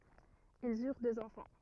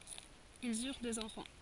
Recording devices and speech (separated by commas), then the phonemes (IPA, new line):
rigid in-ear microphone, forehead accelerometer, read sentence
ilz yʁ døz ɑ̃fɑ̃